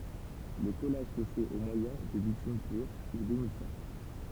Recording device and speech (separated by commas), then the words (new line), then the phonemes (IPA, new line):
temple vibration pickup, read sentence
Le collage se fait au moyen de bitume pur ou d'émulsion.
lə kɔlaʒ sə fɛt o mwajɛ̃ də bitym pyʁ u demylsjɔ̃